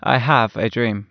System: none